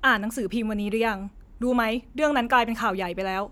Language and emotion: Thai, frustrated